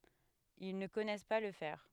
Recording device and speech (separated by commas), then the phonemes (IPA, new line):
headset microphone, read sentence
il nə kɔnɛs pa lə fɛʁ